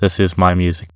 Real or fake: fake